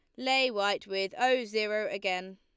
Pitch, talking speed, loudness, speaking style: 210 Hz, 165 wpm, -29 LUFS, Lombard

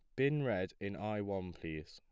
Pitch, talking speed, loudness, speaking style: 100 Hz, 215 wpm, -39 LUFS, plain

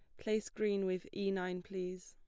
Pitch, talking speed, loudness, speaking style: 190 Hz, 195 wpm, -38 LUFS, plain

